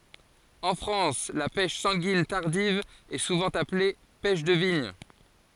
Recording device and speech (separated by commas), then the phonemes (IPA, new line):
forehead accelerometer, read sentence
ɑ̃ fʁɑ̃s la pɛʃ sɑ̃ɡin taʁdiv ɛ suvɑ̃ aple pɛʃ də viɲ